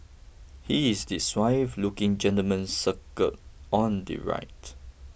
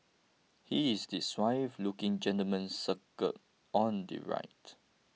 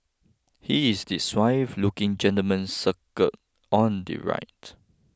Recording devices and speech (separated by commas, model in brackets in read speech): boundary microphone (BM630), mobile phone (iPhone 6), close-talking microphone (WH20), read sentence